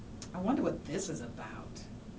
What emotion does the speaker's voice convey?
neutral